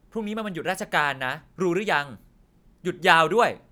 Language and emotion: Thai, angry